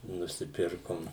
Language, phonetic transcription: Lithuanian, nusiˈpirkom

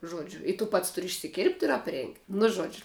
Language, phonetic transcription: Lithuanian, ˈžodžiu i tu ˈpats ˈturi išsiˈkirpt ir apˈrėngt' nu ˈžodžiu

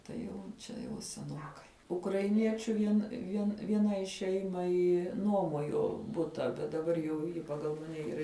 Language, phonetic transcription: Lithuanian, tai ˈjau ˈčia jau seˈnokai ukraiˈniečiu ˈvien ˈvien vieˈnai ˈšeimai ˈnuomojo ˈbuta ˈbet daˈbar jau ˈji paˈgal maˈne yˈra

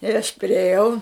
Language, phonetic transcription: Lithuanian, ir aš priėˈjau

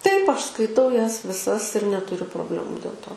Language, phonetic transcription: Lithuanian, taip ˈaš skaiˈtau ˈjas viˈsas ir netuˈriu probˈlemu dėl ˈto

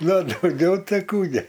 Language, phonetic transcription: Lithuanian, ˈna o dauˈgiau ˈtai ˈkų gi

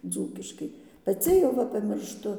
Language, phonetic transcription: Lithuanian, ˈdzūkiškai paˈci jau ˈva pamiršˈtu

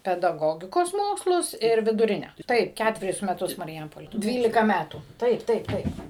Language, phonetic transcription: Lithuanian, pedaˈgogikos ˈmokslus ir viduˈrine ˈtaip ˈkætverius meˈtus marˈjampolė ˈdvylika ˈmætų ˈtaip ˈtaip ˈtaip

